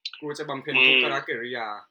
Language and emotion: Thai, neutral